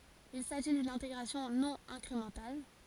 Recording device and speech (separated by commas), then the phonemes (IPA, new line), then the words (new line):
forehead accelerometer, read sentence
il saʒi dyn ɛ̃teɡʁasjɔ̃ nɔ̃ ɛ̃kʁemɑ̃tal
Il s’agit d'une intégration non incrémentale.